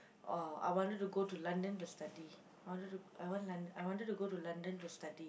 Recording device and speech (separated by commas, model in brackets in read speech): boundary microphone, conversation in the same room